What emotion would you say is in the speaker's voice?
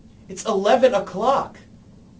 disgusted